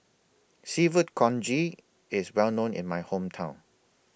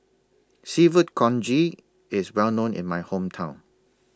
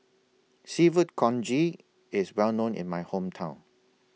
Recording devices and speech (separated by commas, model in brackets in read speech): boundary microphone (BM630), standing microphone (AKG C214), mobile phone (iPhone 6), read sentence